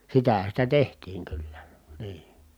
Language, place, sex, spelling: Finnish, Kitee, male, sitähän sitä tehtiin kyllä niin
- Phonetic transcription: sitähä sitä tehtiiŋ kyllä , nii .

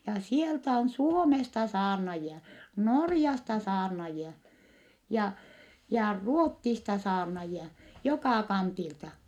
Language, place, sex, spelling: Finnish, Vittanki, female, ja sieltä on Suomesta saarnaajia Norjasta saarnaajia ja ja Ruotsista saarnaajia joka kantilta
- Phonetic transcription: ja sieltä on Suomesta saarnajia , Norjasta saarnajia , ja , ja Ruottista saarnajia , jokà kantilta .

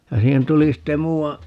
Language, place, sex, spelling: Finnish, Paavola, male, ja siihen tuli sitten muuan
- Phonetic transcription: ja 'siihen 'tuli 'sitte "muu₍a ,.

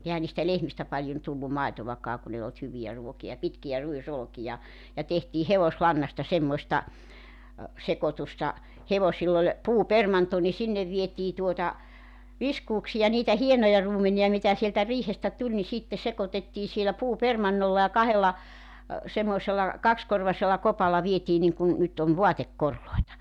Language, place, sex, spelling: Finnish, Joutsa, female, eihän niistä lehmistä paljon tullut maitoakaan kun ei ollut hyviä ruokia pitkiä ruisolkia ja tehtiin hevoslannasta semmoista sekoitusta hevosilla oli puupermanto niin sinne vietiin tuota viskuuksia niitä hienoja ruumenia mitä sieltä riihestä tuli niin sitten sekoitettiin siellä puupermannolla ja kahdella semmoisella kaksikorvaisella kopalla vietiin niin kuin nyt on vaatekoreja
- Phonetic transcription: 'ehän̆ niistä 'lehmistä 'paĺjon tullu 'màitovakaa kun ‿ei olt 'hyvi₍ä 'ruoki₍a , 'pitki₍ä 'ruisolᵒkija , ja tehtii "hevoslannasta semmośta , 'sekotusta , 'hevosill ‿oĺ , 'puupermanto ni 'sinnev vietii tuota , 'viskuuksija niitä 'hienoja 'ruumeni₍a mitä sieltä 'riihestä tuĺ ni 'sitte 'sekotettii sielä 'puupermannolla ja kahella , 'semmoᵉsel̆la , 'kakskorvasella 'kopalla vietii niŋkun , nyt ‿on̳§ 'voatekkorloeta .

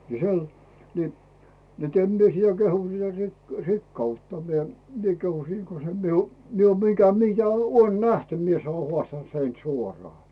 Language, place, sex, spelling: Finnish, Rautu, male, niin - niin että en minä sitä kehu sitä - rikkautta minä minä kehun siinä kun se minun minä olen mitä mitä olen nähty minä se olen haastanut sen suoraan
- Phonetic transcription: ni 'sel , ni , net em mie sⁱtä 'kehu siä "rik- , "rikkautta mie , 'mie kehu 'siiŋ ko se miu , 'mie oom 'mitä 'mitä Uon "nähty mie se oo 'hᵒàstan(t) sen "suorᵒà .

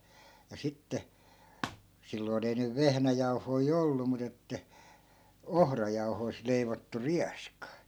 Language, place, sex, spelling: Finnish, Askola, male, ja sitten silloin ei nyt vehnäjauhoja ollut mutta että ohrajauhoista leivottu rieska
- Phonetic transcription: ja 'sitte , 'silloin ‿ei nyv 'vehnäjauhoi "ollu mu't ‿että "ohrajauhoi̮sᵗ leivottu 'riaska .

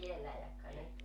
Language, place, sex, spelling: Finnish, Joutsa, female, ei vielä jahka ne
- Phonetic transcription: 'ei 'viellä jakka ne .

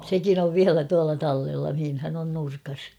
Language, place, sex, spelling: Finnish, Kauhava, female, sekin on vielä tuolla tallella missähän on nurkassa
- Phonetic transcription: 'sekin ‿ov "viälä tuala 'tallella mihinhän ‿on 'nurkas .

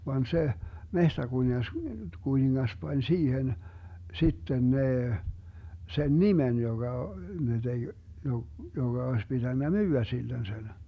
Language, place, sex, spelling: Finnish, Vermlanti, male, vaan se metsäkuningas kuningas pani siihen sitten ne sen nimen joka ne teki - jonka olisi pitänyt myydä sille sen
- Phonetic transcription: van 'se , 'mehtäkuniŋas , -'kuniŋŋas 'pań 'siihen , 'sitten 'nee , 'sen "nimen 'joGa , ne 'deG , 'jo- , joŋGa oes 'pitännä "myy₍ä sillen sen .

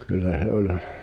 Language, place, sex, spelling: Finnish, Pihtipudas, male, kyllä se oli
- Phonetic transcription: kyllä 'h̳e 'oĺ .

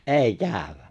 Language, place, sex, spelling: Finnish, Lapinlahti, male, ei käydä
- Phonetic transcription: ’èi 'kääᵒ̈w̆wä !

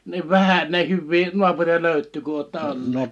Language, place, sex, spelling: Finnish, Liperi, male, niin vähän näin hyviä naapureita löytyy kuin olette olleet
- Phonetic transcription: niv 'vähä näi 'hyvvii 'nuapuri₍a 'löyt̆tyy ku ootta 'olleet .

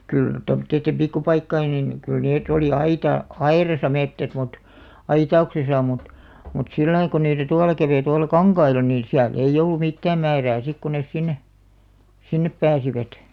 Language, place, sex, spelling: Finnish, Alastaro, female, kyllä tuommoisten pikkupaikkojen niin kyllä ne oli - aidassa metsät mutta aitauksessa mutta mutta sillä lailla kun niitä tuolla kävi tuolla kankailla niin siellä ei ollut mitään määrää sitten kun ne sinne sinne pääsivät
- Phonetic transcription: 'kyl , tomᵒt̆teittem "pikku'paikkain nin , kyl 'neet ‿oli "aita- , "airasa 'mettät mut , "aita₍uksesa mut , mut 'sillai ko niitä "tuala 'käveⁱ tuala "kaŋkaila niin̬ 'siäl ‿ei 'ollu "mittääm 'määrää 'sik ku nes 'sinne , "sinnep 'pääsivät .

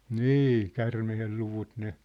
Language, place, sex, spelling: Finnish, Sippola, male, niin käärmeen luvut ne
- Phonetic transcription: nî , 'kärmehel luvut ne ,.

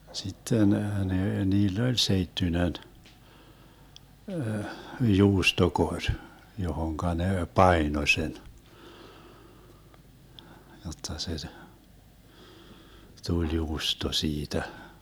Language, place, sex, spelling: Finnish, Vermlanti, male, sitten ne niillä oli seittyinen juustokori johon ne painoi sen jotta se tuli juusto siitä
- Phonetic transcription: 'sitten nee 'niill ‿oĺ 'seittynen , "juustokoŕ , 'johoŋka ne "paino sen , 'jotta se , "tuĺ 'juusto 'siitä .

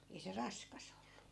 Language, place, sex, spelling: Finnish, Askola, female, ei se raskas ollut
- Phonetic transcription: ei se "raskas ‿ollu .

